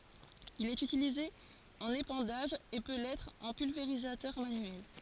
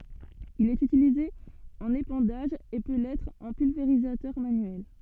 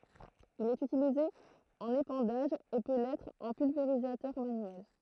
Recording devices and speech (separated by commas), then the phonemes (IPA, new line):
forehead accelerometer, soft in-ear microphone, throat microphone, read sentence
il ɛt ytilize ɑ̃n epɑ̃daʒ e pø lɛtʁ ɑ̃ pylveʁizatœʁ manyɛl